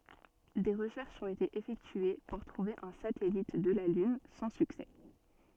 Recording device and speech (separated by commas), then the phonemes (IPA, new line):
soft in-ear microphone, read sentence
de ʁəʃɛʁʃz ɔ̃t ete efɛktye puʁ tʁuve œ̃ satɛlit də la lyn sɑ̃ syksɛ